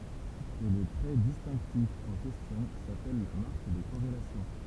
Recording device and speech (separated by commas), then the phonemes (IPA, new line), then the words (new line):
temple vibration pickup, read sentence
e lə tʁɛ distɛ̃ktif ɑ̃ kɛstjɔ̃ sapɛl la maʁk də koʁelasjɔ̃
Et le trait distinctif en question s'appelle la marque de corrélation.